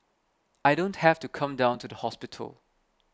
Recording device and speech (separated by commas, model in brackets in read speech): close-talking microphone (WH20), read sentence